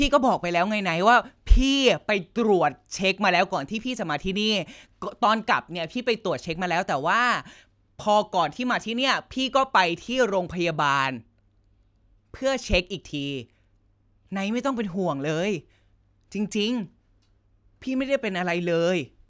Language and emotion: Thai, frustrated